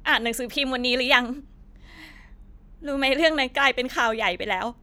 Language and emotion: Thai, sad